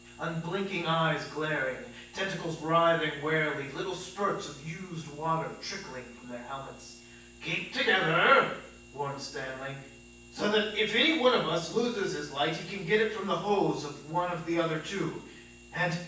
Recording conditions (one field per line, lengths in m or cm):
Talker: one person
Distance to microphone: 9.8 m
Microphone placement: far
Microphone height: 1.8 m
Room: large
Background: none